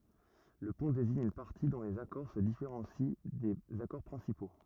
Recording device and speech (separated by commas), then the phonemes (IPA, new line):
rigid in-ear microphone, read sentence
lə pɔ̃ deziɲ yn paʁti dɔ̃ lez akɔʁ sə difeʁɑ̃si dez akɔʁ pʁɛ̃sipo